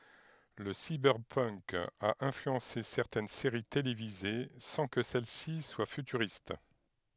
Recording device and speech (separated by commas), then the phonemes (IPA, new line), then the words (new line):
headset microphone, read sentence
lə sibɛʁpənk a ɛ̃flyɑ̃se sɛʁtɛn seʁi televize sɑ̃ kə sɛl si swa fytyʁist
Le cyberpunk a influencé certaines séries télévisées sans que celles-ci soient futuristes.